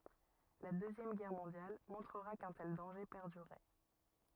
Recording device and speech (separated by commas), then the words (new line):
rigid in-ear microphone, read sentence
La Deuxième Guerre mondiale montrera qu'un tel danger perdurait.